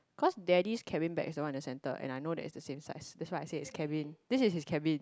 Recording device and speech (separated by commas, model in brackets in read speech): close-talking microphone, conversation in the same room